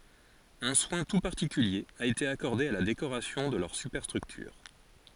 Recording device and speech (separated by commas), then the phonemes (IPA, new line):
forehead accelerometer, read sentence
œ̃ swɛ̃ tu paʁtikylje a ete akɔʁde a la dekoʁasjɔ̃ də lœʁ sypɛʁstʁyktyʁ